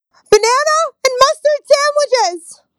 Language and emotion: English, fearful